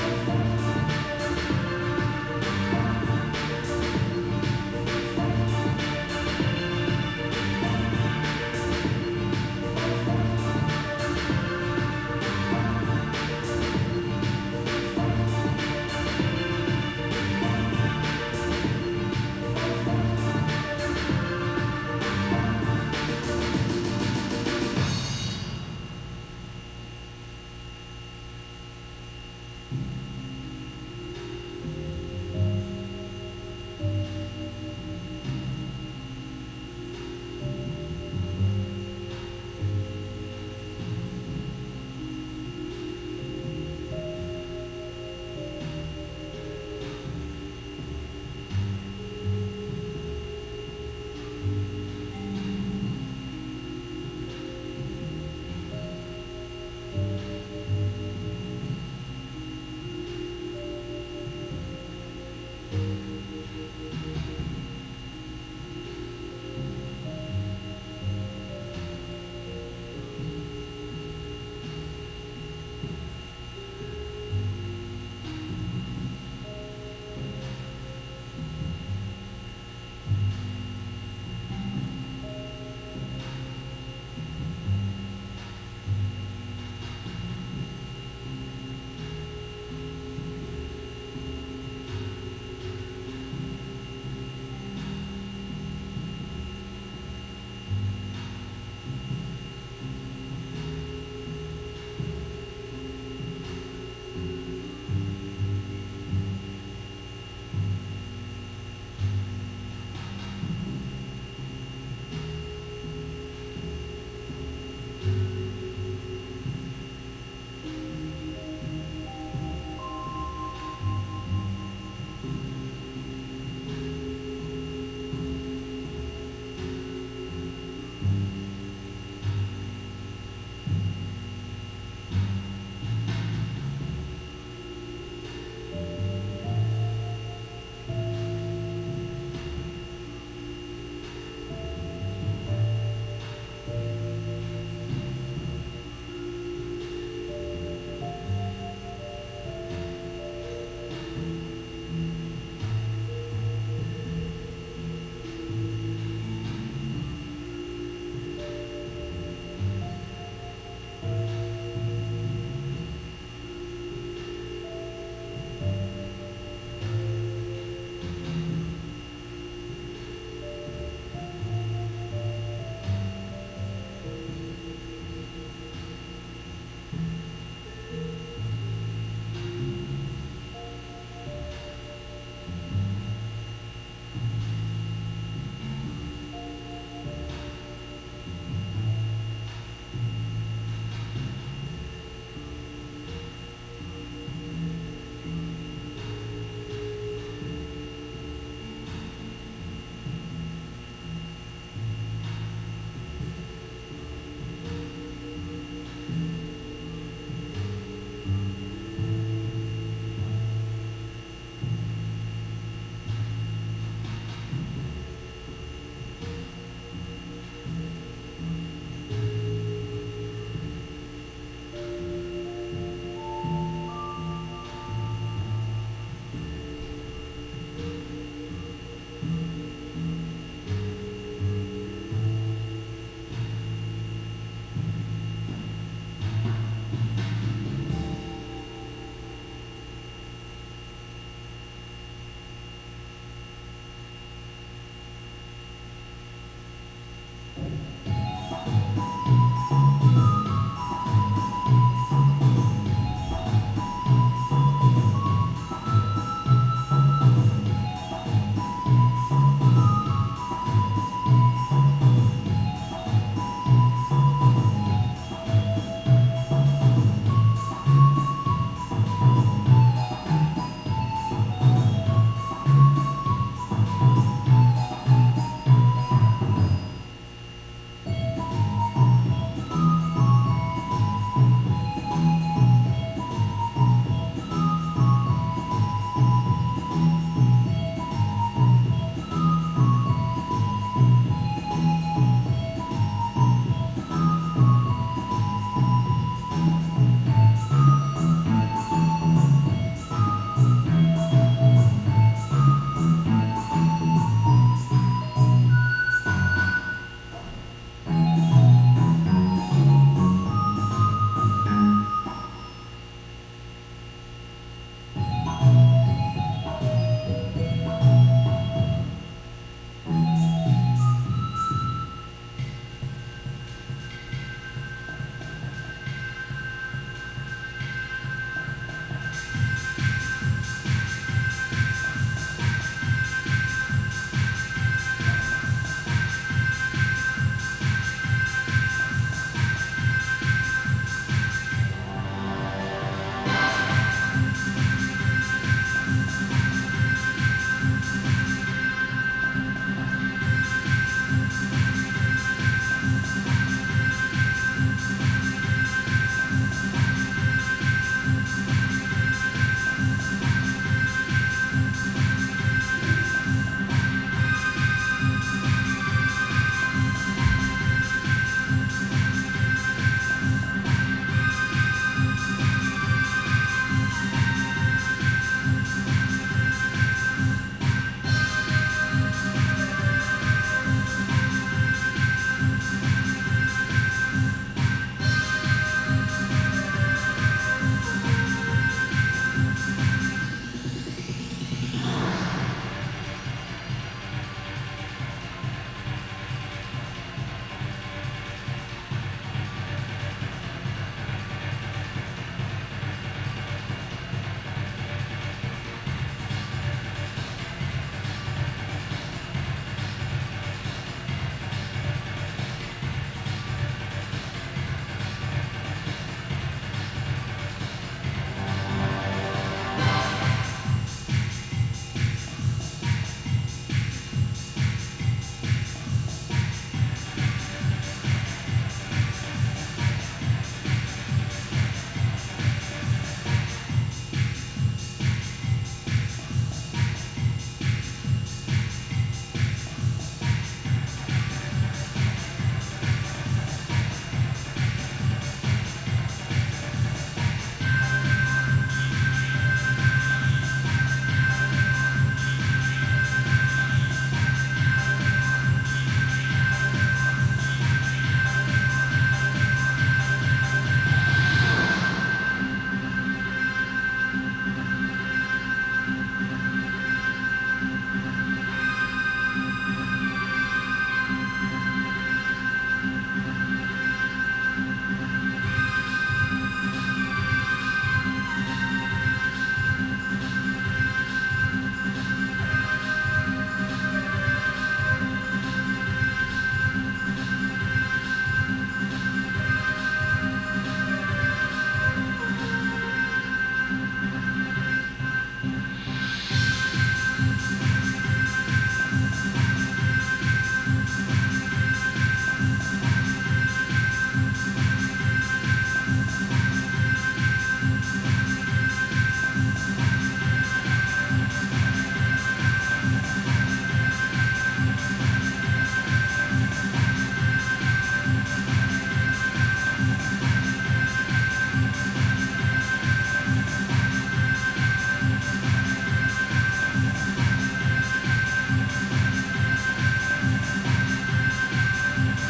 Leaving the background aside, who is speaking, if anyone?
No one.